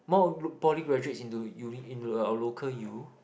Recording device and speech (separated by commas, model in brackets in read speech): boundary microphone, conversation in the same room